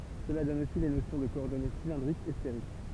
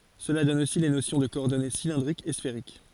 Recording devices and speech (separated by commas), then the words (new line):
temple vibration pickup, forehead accelerometer, read sentence
Cela donne aussi les notions de coordonnées cylindriques et sphériques.